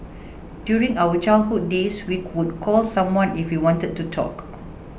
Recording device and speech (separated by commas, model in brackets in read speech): boundary microphone (BM630), read sentence